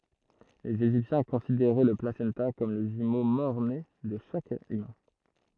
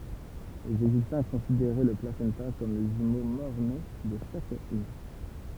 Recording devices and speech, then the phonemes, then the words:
throat microphone, temple vibration pickup, read sentence
lez eʒiptjɛ̃ kɔ̃sideʁɛ lə plasɑ̃ta kɔm lə ʒymo mɔʁne də ʃak ymɛ̃
Les égyptiens considéraient le placenta comme le jumeau mort-né de chaque humain.

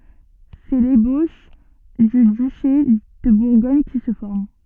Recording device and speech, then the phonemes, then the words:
soft in-ear microphone, read sentence
sɛ leboʃ dy dyʃe də buʁɡɔɲ ki sə fɔʁm
C'est l'ébauche du duché de Bourgogne qui se forme.

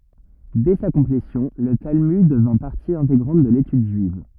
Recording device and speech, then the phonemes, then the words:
rigid in-ear microphone, read sentence
dɛ sa kɔ̃plesjɔ̃ lə talmyd dəvɛ̃ paʁti ɛ̃teɡʁɑ̃t də letyd ʒyiv
Dès sa complétion, le Talmud devint partie intégrante de l'étude juive.

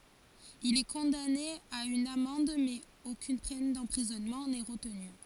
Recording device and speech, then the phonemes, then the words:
forehead accelerometer, read sentence
il ɛ kɔ̃dane a yn amɑ̃d mɛz okyn pɛn dɑ̃pʁizɔnmɑ̃ nɛ ʁətny
Il est condamné à une amende, mais aucune peine d'emprisonnement n'est retenue.

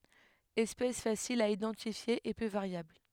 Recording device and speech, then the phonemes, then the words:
headset microphone, read sentence
ɛspɛs fasil a idɑ̃tifje e pø vaʁjabl
Espèce facile à identifier et peu variable.

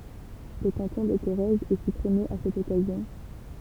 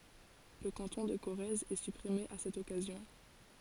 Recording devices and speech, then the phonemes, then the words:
temple vibration pickup, forehead accelerometer, read sentence
lə kɑ̃tɔ̃ də koʁɛz ɛ sypʁime a sɛt ɔkazjɔ̃
Le canton de Corrèze est supprimé à cette occasion.

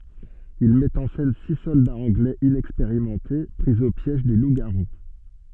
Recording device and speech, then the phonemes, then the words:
soft in-ear microphone, read sentence
il mɛt ɑ̃ sɛn si sɔldaz ɑ̃ɡlɛz inɛkspeʁimɑ̃te pʁi o pjɛʒ de lupzɡaʁu
Il met en scène six soldats anglais inexpérimentés pris au piège des loups-garous.

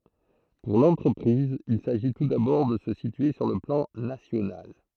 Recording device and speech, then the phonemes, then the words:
throat microphone, read sentence
puʁ lɑ̃tʁəpʁiz il saʒi tu dabɔʁ də sə sitye syʁ lə plɑ̃ nasjonal
Pour l'entreprise, il s'agit tout d'abord de se situer sur le plan national.

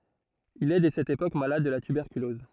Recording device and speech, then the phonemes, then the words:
throat microphone, read sentence
il ɛ dɛ sɛt epok malad də la tybɛʁkylɔz
Il est dès cette époque malade de la tuberculose.

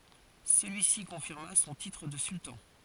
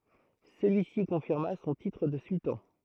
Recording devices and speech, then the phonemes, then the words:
forehead accelerometer, throat microphone, read sentence
səlyisi kɔ̃fiʁma sɔ̃ titʁ də syltɑ̃
Celui-ci confirma son titre de sultan.

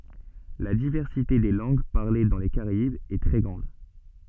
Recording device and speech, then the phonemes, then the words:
soft in-ear microphone, read sentence
la divɛʁsite de lɑ̃ɡ paʁle dɑ̃ le kaʁaibz ɛ tʁɛ ɡʁɑ̃d
La diversité des langues parlées dans les Caraïbes est très grande.

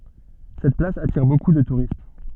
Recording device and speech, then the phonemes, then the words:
soft in-ear microphone, read sentence
sɛt plas atiʁ boku də tuʁist
Cette place attire beaucoup de touristes.

